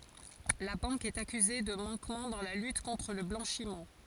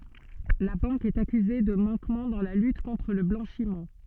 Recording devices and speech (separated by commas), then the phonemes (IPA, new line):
forehead accelerometer, soft in-ear microphone, read sentence
la bɑ̃k ɛt akyze də mɑ̃kmɑ̃ dɑ̃ la lyt kɔ̃tʁ lə blɑ̃ʃim